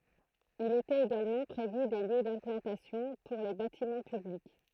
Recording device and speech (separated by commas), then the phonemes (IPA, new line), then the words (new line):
throat microphone, read sentence
il etɛt eɡalmɑ̃ pʁevy de ljø dɛ̃plɑ̃tasjɔ̃ puʁ le batimɑ̃ pyblik
Il était également prévu des lieux d'implantation pour les bâtiments publics.